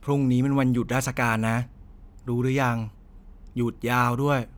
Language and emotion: Thai, frustrated